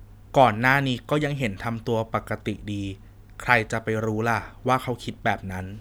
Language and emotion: Thai, neutral